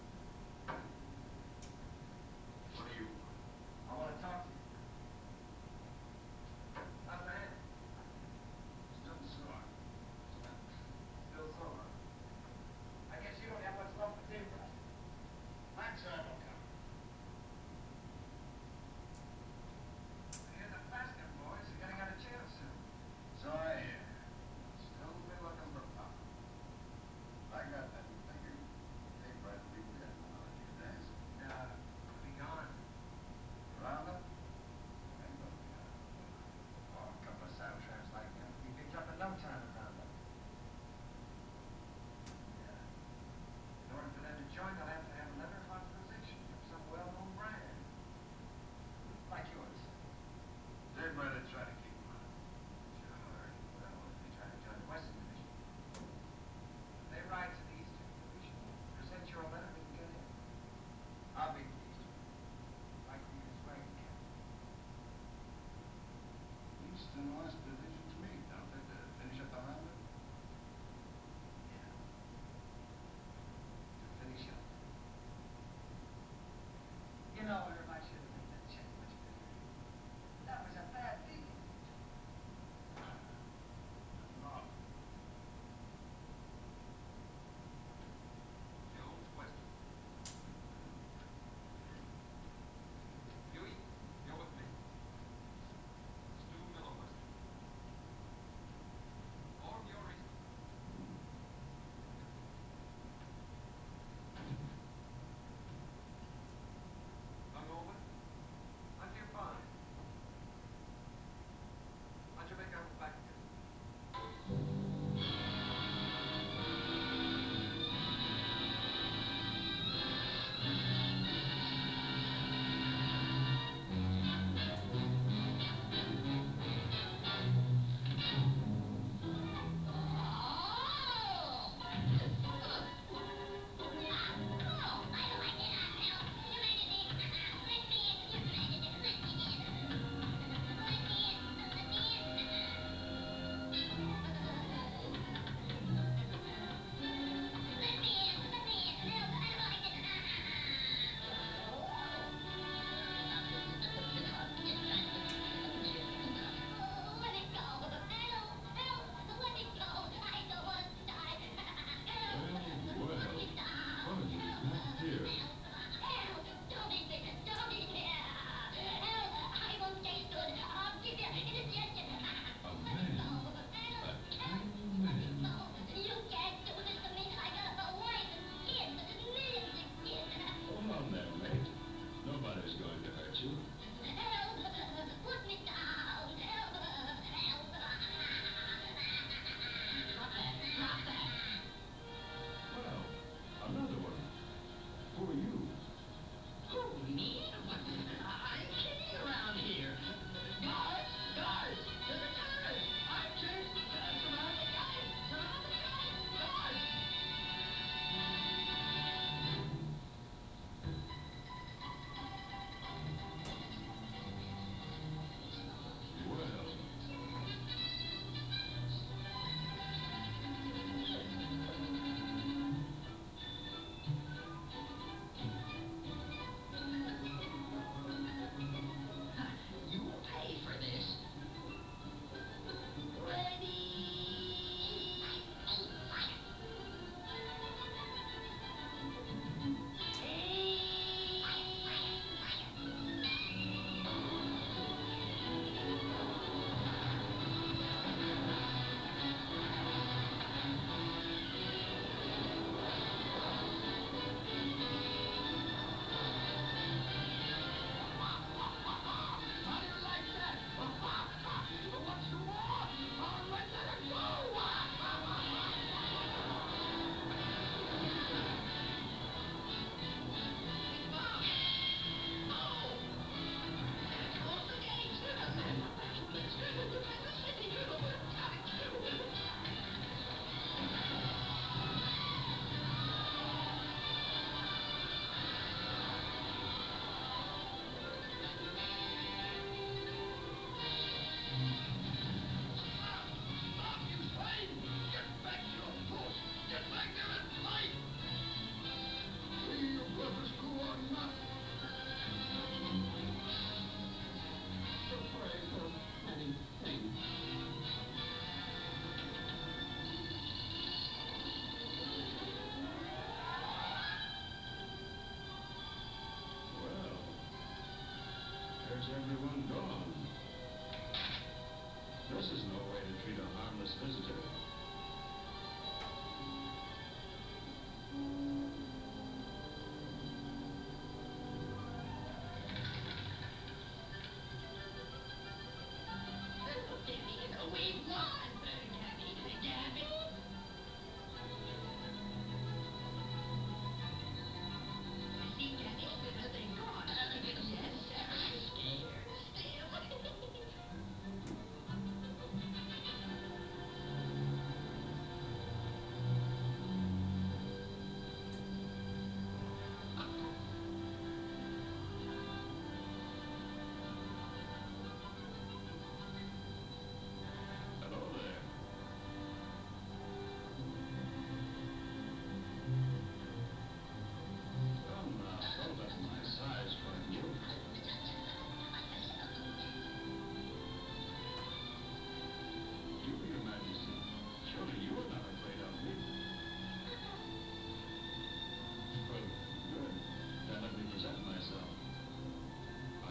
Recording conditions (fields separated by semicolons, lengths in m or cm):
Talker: no one; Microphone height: 99 cm; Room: medium-sized (5.7 m by 4.0 m); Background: television